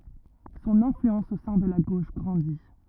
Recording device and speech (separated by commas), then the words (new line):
rigid in-ear microphone, read sentence
Son influence au sein de la gauche grandit.